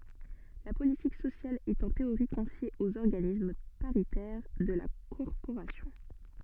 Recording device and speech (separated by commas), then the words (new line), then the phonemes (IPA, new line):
soft in-ear microphone, read sentence
La politique sociale est en théorie confiée aux organismes paritaires de la corporation.
la politik sosjal ɛt ɑ̃ teoʁi kɔ̃fje oz ɔʁɡanism paʁitɛʁ də la kɔʁpoʁasjɔ̃